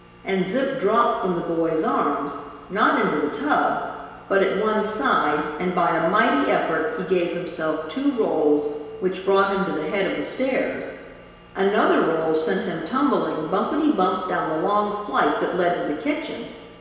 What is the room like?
A large, echoing room.